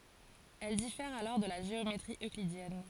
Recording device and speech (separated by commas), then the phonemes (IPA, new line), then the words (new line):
forehead accelerometer, read sentence
ɛl difɛʁt alɔʁ də la ʒeometʁi øklidjɛn
Elles diffèrent alors de la géométrie euclidienne.